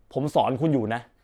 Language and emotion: Thai, angry